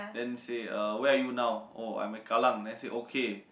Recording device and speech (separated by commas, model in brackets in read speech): boundary microphone, conversation in the same room